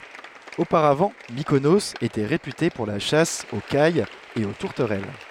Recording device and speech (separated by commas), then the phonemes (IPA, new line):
headset microphone, read sentence
opaʁavɑ̃ mikonoz etɛ ʁepyte puʁ la ʃas o kajz e o tuʁtəʁɛl